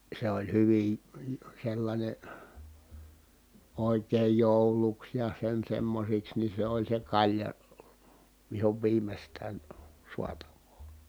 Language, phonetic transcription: Finnish, se oĺ hyvin̬ , sellańe , òikeej jòuluks ja sen semmosiks ni se ‿oĺ se kaĺja , vihov viimestään , suatav̆voo .
- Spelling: se oli hyvin sellainen oikein jouluksi ja sen semmoisiksi niin se oli se kalja vihon viimeistään saatavaa

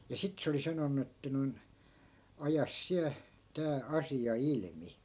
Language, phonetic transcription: Finnish, ja 'sit se oli 'sanonnu että noi̮n , » 'ajas 'siä , 'tää , "asi₍a 'ilmi .
- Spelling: ja sitten se oli sanonut että noin aja sinä tämä asia ilmi

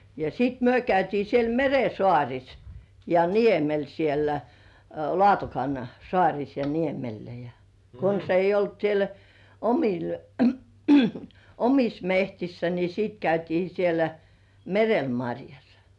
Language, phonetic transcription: Finnish, ja sit "myö 'käytii siel "mere "sŏàŕis , ja "niemel siellä , 'Lŏ§àtokan , "sŏàŕis ja niemellä ja , kons ‿eij§j ‿olt siel , "omil , "omis 'mehtissä ni sìt käytii sielä , "merel 'maŕjas .
- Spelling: ja sitten me käytiin siellä meren saarissa ja niemellä siellä Laatokan saarissa ja niemellä ja konsa ei ollut siellä omilla omissa metsissä niin sitten käytiin siellä merellä marjassa

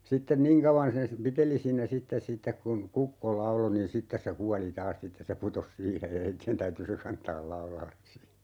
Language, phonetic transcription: Finnish, 'sitten "niiŋ kauvan sen sⁱ- , 'piteli siinä "sittes 'sittek kun , "kukko 'laulo nin 'sittes se "kuali 'taas 'sittes se "putos 'siihej ja 'heitti₍en täyty se "kantaal 'laulalles si .
- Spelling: sitten niin kauan sen - piteli siinä sitten sitten kun kukko lauloi niin sitten se kuoli taas sitten se putosi siihen ja heidän täytyi se kantaa laudalle sitten

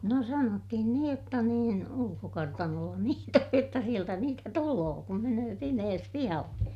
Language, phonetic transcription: Finnish, no sanottihin niij jotta niin , ulukokartanolla niit ‿oj jotta sieltä niitä tuloo kum menöö pimees pihalle .
- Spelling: no sanottiin niin jotta niin ulkokartanolla niitä on jotta sieltä niitä tulee kun menee pimeässä pihalle

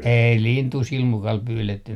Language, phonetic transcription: Finnish, "ei 'lintù 'silmukal 'pyyletty .
- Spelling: ei lintua silmukalla pyydetty

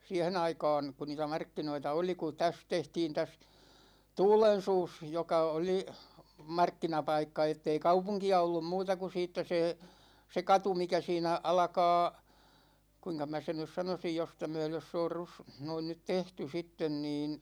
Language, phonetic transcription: Finnish, 'siähen ‿aika̭a̭n , ku 'niitä "markkinoita oli ku 'täs 'tehtiin täs , "Tuulen̬suus , 'joka 'oli , 'markkinapaikka ettei "kaupuŋki₍a 'ollum 'muuta ku 'siittä se , se 'katu mikä siinä , 'alᵃkaa , 'kuiŋka mä 'sen nys 'sanosij 'josta myölös 's ‿oor rus- , 'noin nyt "tehty 'sitten niin ,.
- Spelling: siihen aikaan kun niitä markkinoita oli kun tässä tehtiin tässä Tuulensuussa joka oli markkinapaikka että ei kaupunkia ollut muuta kuin siitä se se katu mikä siinä alkaa kuinka minä sen nyt sanoisin josta myöden se on - noin nyt tehty sitten niin

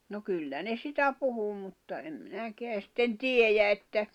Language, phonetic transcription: Finnish, no 'kyllä ne "sitä 'puhu mutta em 'minäkeä sitten "tiejä että ,.
- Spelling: no kyllä ne sitä puhui mutta en minäkään sitten tiedä että

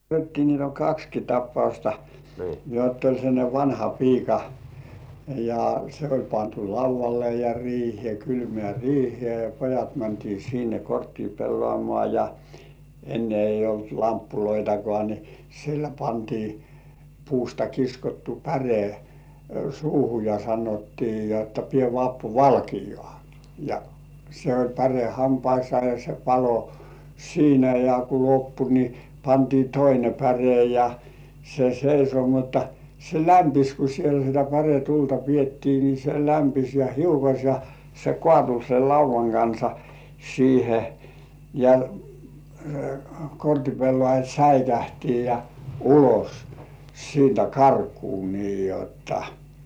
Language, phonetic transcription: Finnish, niit ‿oĺ "kakski 'tappausta , jott ‿oĺ sellańe 'vanha"piika , ja , se oĺ 'pantu "lauv̆valle ja riihĭè 'kylmĕä̀§ "riihĭè ja "pojat mäntii sinne "korttii 'pellŏàmŏà ja , 'enne eij̆j ‿olt "lamppuloitakŏà ni , sille pantii , 'puusta kiskottu "päre , suuhu ja sanottii jotta » pie Vappu "valkijŏà « ja , se oĺ 'päre "hampaissŏà ja se 'palo "siinä ja ku loppu ni , pantii "toine 'päre ja , se seiso mutta , se "lämpis ku siel sitä 'päretulta piettii ni se 'lämpis ja "hiukoś ja , se "kŏàtu sel "lauv̆vaŋ kansa 'siihe , ja , 'kortipellŏàjat "säikähtii ja , 'ulos , siintä "karkuu nii jotta .
- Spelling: niitä oli kaksikin tapausta jotta oli sellainen vanhapiika ja se oli pantu laudalle ja riiheen kylmään riiheen ja pojat mentiin sinne korttia pelaamaan ja ennen ei ollut lamppujakaan niin sille pantiin puusta kiskottu päre suuhun ja sanottiin jotta pidä Vappu valkeaa ja se oli päre hampaissa ja se paloi siinä ja kun loppui niin pantiin toinen päre ja se seisoi mutta se lämpisi kun siellä sitä päretulta pidettiin niin se lämpisi ja hiukosi ja se kaatui sen laudan kanssa siihen ja kortinpelaajat säikähti ja ulos siitä karkuun niin jotta

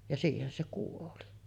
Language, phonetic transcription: Finnish, ja 'siihen se kuoli .
- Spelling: ja siihen se kuoli

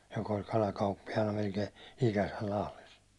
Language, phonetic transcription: Finnish, jok ‿oĺ 'kalakauppijana melkei 'ikäsäl Lahles .
- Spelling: joka oli kalakauppiaana melkein ikänsä Lahdessa

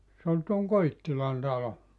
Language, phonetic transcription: Finnish, se ol tuoŋ "Koittilan talo .
- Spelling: se oli tuon Koittilan talo

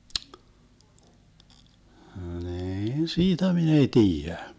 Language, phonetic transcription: Finnish, 'niin "siitä 'min ‿ei "tiijä .
- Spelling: niin siitä minä ei tiedä

